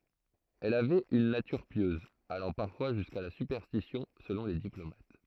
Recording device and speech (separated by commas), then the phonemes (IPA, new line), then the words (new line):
throat microphone, read sentence
ɛl avɛt yn natyʁ pjøz alɑ̃ paʁfwa ʒyska la sypɛʁstisjɔ̃ səlɔ̃ le diplomat
Elle avait une nature pieuse, allant parfois jusqu'à la superstition selon les diplomates.